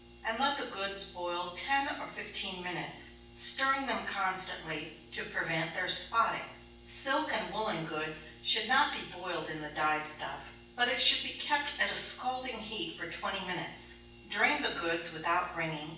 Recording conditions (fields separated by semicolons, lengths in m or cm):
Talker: one person; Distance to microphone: 9.8 m; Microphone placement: far; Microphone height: 1.8 m; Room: large; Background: none